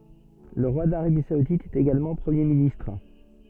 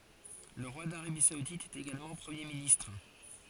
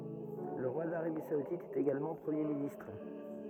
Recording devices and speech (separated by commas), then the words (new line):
soft in-ear microphone, forehead accelerometer, rigid in-ear microphone, read sentence
Le roi d'Arabie saoudite est également Premier ministre.